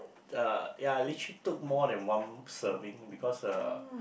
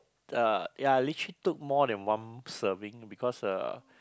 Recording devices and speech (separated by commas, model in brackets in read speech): boundary microphone, close-talking microphone, conversation in the same room